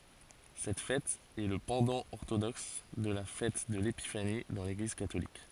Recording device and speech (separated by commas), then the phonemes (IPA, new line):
forehead accelerometer, read sentence
sɛt fɛt ɛ lə pɑ̃dɑ̃ ɔʁtodɔks də la fɛt də lepifani dɑ̃ leɡliz katolik